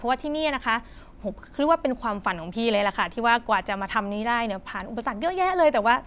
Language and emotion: Thai, neutral